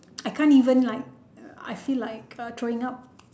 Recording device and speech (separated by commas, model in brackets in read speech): standing microphone, conversation in separate rooms